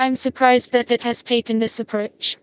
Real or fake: fake